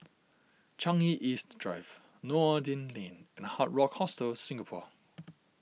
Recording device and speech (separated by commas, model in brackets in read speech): mobile phone (iPhone 6), read sentence